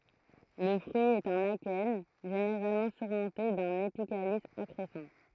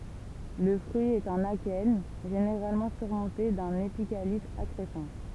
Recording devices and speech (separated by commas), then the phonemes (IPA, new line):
throat microphone, temple vibration pickup, read sentence
lə fʁyi ɛt œ̃n akɛn ʒeneʁalmɑ̃ syʁmɔ̃te dœ̃n epikalis akʁɛsɑ̃